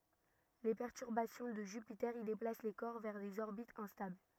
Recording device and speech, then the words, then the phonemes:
rigid in-ear microphone, read sentence
Les perturbations de Jupiter y déplacent les corps vers des orbites instables.
le pɛʁtyʁbasjɔ̃ də ʒypite i deplas le kɔʁ vɛʁ dez ɔʁbitz ɛ̃stabl

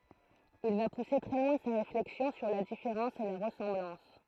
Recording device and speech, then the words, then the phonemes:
throat microphone, read sentence
Il va pousser très loin sa réflexion sur la différence et la ressemblance.
il va puse tʁɛ lwɛ̃ sa ʁeflɛksjɔ̃ syʁ la difeʁɑ̃s e la ʁəsɑ̃blɑ̃s

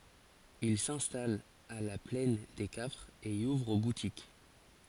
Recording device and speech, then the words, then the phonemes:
forehead accelerometer, read sentence
Ils s'installent à La Plaine des Cafres et y ouvrent boutique.
il sɛ̃stalt a la plɛn de kafʁz e i uvʁ butik

